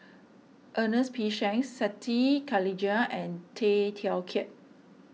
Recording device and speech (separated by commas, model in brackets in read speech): mobile phone (iPhone 6), read sentence